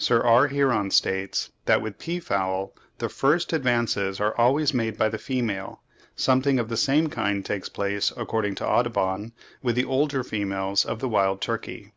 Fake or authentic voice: authentic